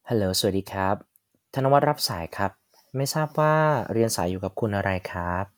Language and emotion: Thai, neutral